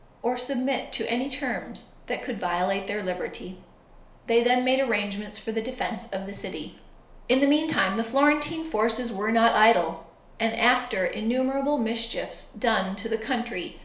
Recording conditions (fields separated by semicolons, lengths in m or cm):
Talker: one person; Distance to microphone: 1.0 m; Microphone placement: close; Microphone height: 1.1 m; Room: small (3.7 m by 2.7 m); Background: none